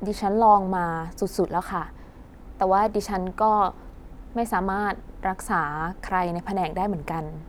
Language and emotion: Thai, frustrated